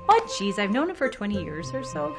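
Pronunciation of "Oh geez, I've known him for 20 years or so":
'Oh geez, I've known him for 20 years or so' is said in a Minnesota accent, with a lot of upward inflection.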